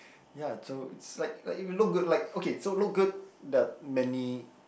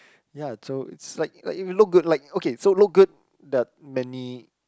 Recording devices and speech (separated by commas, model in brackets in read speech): boundary microphone, close-talking microphone, conversation in the same room